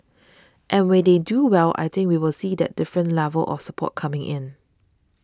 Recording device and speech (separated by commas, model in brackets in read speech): standing microphone (AKG C214), read sentence